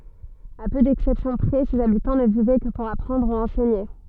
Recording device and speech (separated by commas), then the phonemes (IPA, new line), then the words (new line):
soft in-ear microphone, read sentence
a pø dɛksɛpsjɔ̃ pʁɛ sez abitɑ̃ nə vivɛ kə puʁ apʁɑ̃dʁ u ɑ̃sɛɲe
À peu d'exceptions près, ses habitants ne vivaient que pour apprendre ou enseigner.